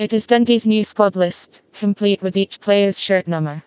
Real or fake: fake